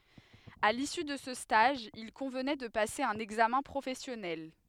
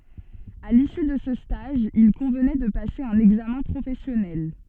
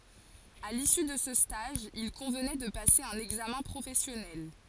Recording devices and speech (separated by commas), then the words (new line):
headset microphone, soft in-ear microphone, forehead accelerometer, read sentence
À l'issue de ce stage, il convenait de passer un examen professionnel.